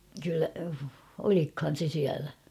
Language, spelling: Finnish, kyllä olikohan se siellä
- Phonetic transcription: kyllä , 'olikhan̬ se 'siälä ?

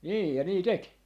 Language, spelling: Finnish, niin ja niin teki
- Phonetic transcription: 'nii ja 'nii "tek .

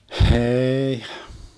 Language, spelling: Finnish, ei
- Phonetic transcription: 'heeih .

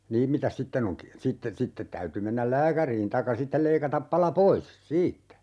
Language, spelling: Finnish, niin mitäs sitten on - sitten sitten täytyi mennä lääkäriin tai sitten leikata pala pois siitä
- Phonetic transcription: 'niim mitäs 'sitten ‿oŋ ki- , 'sitte , 'sittet täyty mennäl "lääkäriin taikka "sittel 'leikatap 'pala "pois "siittä .

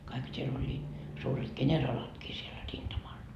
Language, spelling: Finnish, kaikkihan siellä olivat suuret kenraalitkin siellä rintamalla
- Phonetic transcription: kaikha sie'l ‿oĺĺiit , suuret "keńeralatkii siel 'rintamal .

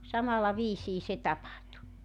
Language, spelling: Finnish, samalla viisiin se tapahtui
- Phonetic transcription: 'samalla 'viisii se 'tapahtu .

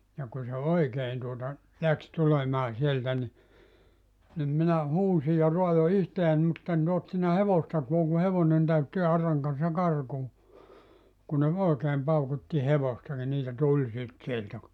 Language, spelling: Finnish, ja kun se oikein tuota lähti tulemaan sieltä niin niin minä huusin ja raadoin itseäni mutta en tuonut sinne hevostakaan kun hevonen täytti auran kanssa karkuun kun ne oikein paukutti hevosta niin niitä tuli sitten sieltä kun
- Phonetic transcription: ja 'kun̬ se "oikeen tuota , 'läks 'tulemaa sieltä ni , nim 'minä 'huusi ja 'roajo 'ihteän mutt ‿en (tuont sinne) 'hevostakuaŋ ku 'hevonen täytti 'arraŋ kan̬ssa 'karkuu , kun ne 'òekeem 'paukutti 'hevosta ni 'niitä 'tuĺ sit sieltä ku ,.

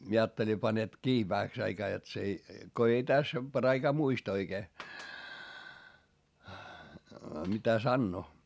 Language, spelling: Finnish, minä ajattelin panet kiinni vähäksi aikaa jotta se ei kun ei tässä paraikaa muista oikein mitä sanoo
- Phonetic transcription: mie aatteli panet kii vähäks ‿aikaa jot s ‿ei , ko ei täs , pᵃraikaa muist ‿oikee , mitä sannoo .

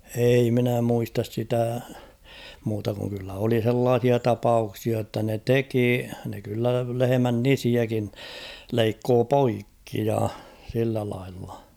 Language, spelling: Finnish, ei minä muista sitä muuta kuin kyllä oli sellaisia tapauksia jotta ne teki ne kyllä lehmän nisiäkin leikkoi poikki ja sillä lailla
- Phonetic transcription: ei minä 'muistas 'sitä , muuta kuŋ kyllä oli 'h̬ellaah̬ia "tapauksia ‿tta ne "teki , ne kyllä 'lehemän "nisiäkin , 'leikkoo "poikki ja , sillä laillᴀ .

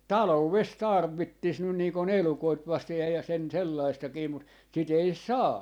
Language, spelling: Finnish, taloudessa tarvitsisi nyt niin kuin elukoita vasten ja ja sen sellaistakin mutta sitä ei saa
- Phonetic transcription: "talouves 'tarv̀ittis 'nyn nii ko"n ‿elukoit 'vastej ja ja sen 'sellaistakii mut , sit ‿ei "saa .

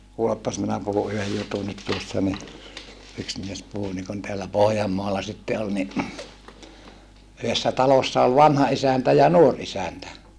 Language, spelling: Finnish, kuulepas minä puhun yhden jutunkin tuossa niin yksi mies puhui niin kuin täällä Pohjanmaalla sitten oli niin yhdessä talossa oli vanha isäntä ja nuori isäntä
- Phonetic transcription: kuuleppas minä puhu yhej jutunit tuossa ni , yks mies puhu nikun teällä Pohjammoala sitte ol ni , yhessä talossa ol vanha isäntä ja nuor isäntä .

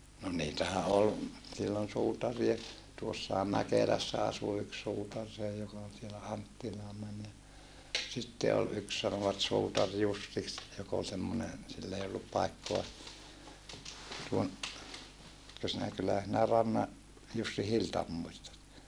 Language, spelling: Finnish, no niitähän oli silloin suutareita tuossahan Mäkelässä asui yksi suutari se joka oli siellä Anttilaan meni ja sitten oli yksi sanoivat suutari Jussiksi joka oli semmoinen sillä ei ollut paikkaa tuon etkö sinä kyllähän sinä Rannan Jussin Hiltan muistat
- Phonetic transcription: no niitähä ol , sillon suutarie , tuossaham Mäkelässä asu yks suutar see joka ol sielä Anttilaa män ja , sitte ol yks sanovat suutar Jussiks , jok ‿ol semmonen , sill ‿ei ollup paikkoa , tuon , etkö sinä kyllähä sinä Ranna , Jussi Hiltam muistat .

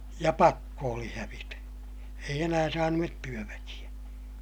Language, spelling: Finnish, ja pakko oli hävitä ei enää saaneet työväkeä
- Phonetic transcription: ja pakko oli hävitä , eij ‿enää saanu₍et työväkiʲä .

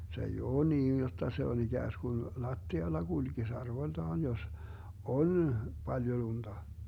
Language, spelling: Finnish, se ei ole niin jotta se on ikään kuin lattialla kulkisi arvoltaan jos on paljon lunta
- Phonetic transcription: se ei "oo 'niin jotta se on 'iGääsGun , "lattialla 'GulGis 'arvoⁱltaan jos , "on , 'Baljo 'lunDa .

